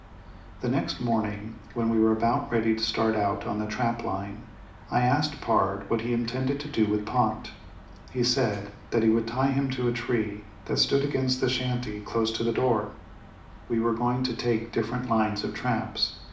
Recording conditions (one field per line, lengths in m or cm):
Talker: one person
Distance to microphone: 2.0 m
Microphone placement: close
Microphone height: 99 cm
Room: medium-sized (5.7 m by 4.0 m)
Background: none